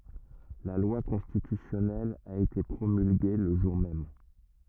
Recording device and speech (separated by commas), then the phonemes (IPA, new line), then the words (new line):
rigid in-ear microphone, read sentence
la lwa kɔ̃stitysjɔnɛl a ete pʁomylɡe lə ʒuʁ mɛm
La loi constitutionnelle a été promulguée le jour même.